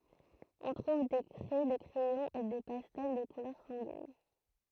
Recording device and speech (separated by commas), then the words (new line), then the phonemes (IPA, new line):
throat microphone, read sentence
On trouve des craies, des crayons et des pastels de couleur sanguine.
ɔ̃ tʁuv de kʁɛ de kʁɛjɔ̃z e de pastɛl də kulœʁ sɑ̃ɡin